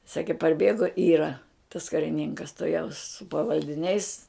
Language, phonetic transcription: Lithuanian, ˈsakė parˈbėgo ˈyra tas kariˈninkas tuˈjaus su pavaldiˈniais

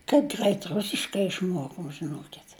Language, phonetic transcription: Lithuanian, kaip ˈgrait ˈrusiškai išˈmuokom žiˈnuokit'

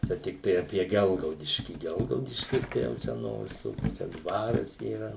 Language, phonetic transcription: Lithuanian, ˈčia tikˈtai apie ˈgelgaudiškį ˈgelgaudiškis ˈtai jau ˈčia no viˈsų ˈnu čia ˈdvaras yˈra

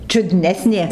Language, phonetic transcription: Lithuanian, čiuˈdnesnė

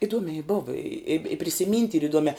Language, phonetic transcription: Lithuanian, iˈduomei ˈbova i ip i prisiˈmynt' yr iˈduomiā

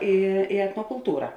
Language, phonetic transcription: Lithuanian, ˈi i etnokulˈtūra

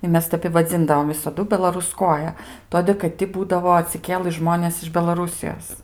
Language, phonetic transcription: Lithuanian, i ˈmes ˈtep i vaˈdzindavom visaˈdu belaruˈskoja ˈtodė kad ˈti ˈbūdavo atsiˈkėlɨ ˈžmonės iš belaˈrusijos

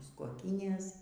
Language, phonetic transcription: Lithuanian, mūs koˈkynės

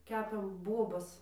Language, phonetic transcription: Lithuanian, ˈkepėm ˈbuobas

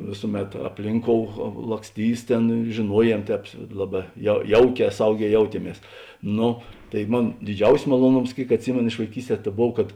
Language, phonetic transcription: Lithuanian, ˈvėsuˌmet apˈlinˌkou laksˈtys ˈtėn žėˈnuoˌjiem ˈtēp ˈlaˌbā jau ˈjauˌkē ˈsauˌgē ˈjautieˌmies ˈnu tai ˈmon diˈdžiausis maluoˈnoms ˈkėik atˈsimėno iš vaiˈkysˌtē ta ˈbov kad

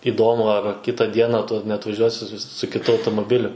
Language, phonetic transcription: Lithuanian, iˈdomu ar ˈkita ˈdiena ˈtu neatvaˈžiuosi su su kiˈtu automoˈbiliu

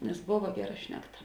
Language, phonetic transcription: Lithuanian, nes ˈbova ˈgeˌra ˈšnekˌta

